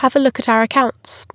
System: none